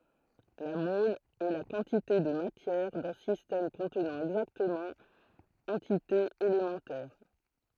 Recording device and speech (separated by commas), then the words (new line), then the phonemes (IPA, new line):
throat microphone, read sentence
La mole est la quantité de matière d'un système contenant exactement entités élémentaires.
la mɔl ɛ la kɑ̃tite də matjɛʁ dœ̃ sistɛm kɔ̃tnɑ̃ ɛɡzaktəmɑ̃ ɑ̃titez elemɑ̃tɛʁ